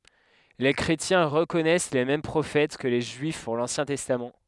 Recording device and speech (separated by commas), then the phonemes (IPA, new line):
headset microphone, read sentence
le kʁetjɛ̃ ʁəkɔnɛs le mɛm pʁofɛt kə le ʒyif puʁ lɑ̃sjɛ̃ tɛstam